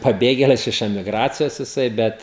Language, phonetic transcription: Lithuanian, paˈbėgėlis iš emiˈgracijos jiˈsai ˈbet

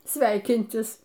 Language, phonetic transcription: Lithuanian, ˈsveikintis

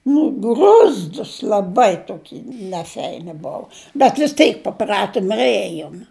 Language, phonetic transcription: Lithuanian, nu gruzˈdūs laˈbai toˈky neˈfeini ˈbovu bet vis ˈteik paˈpratom ir ˈėjom

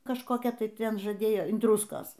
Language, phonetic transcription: Lithuanian, kažkoˈkia ˈtai ˈten žaˈdėjo in ˈdruskos

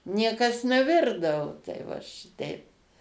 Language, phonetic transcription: Lithuanian, ˈniekas neˈvirdavo tai ˈva šiˈteip

